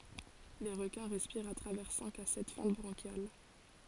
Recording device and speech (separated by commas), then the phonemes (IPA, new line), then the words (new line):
forehead accelerometer, read sentence
le ʁəkɛ̃ ʁɛspiʁt a tʁavɛʁ sɛ̃k a sɛt fɑ̃t bʁɑ̃ʃjal
Les requins respirent à travers cinq à sept fentes branchiales.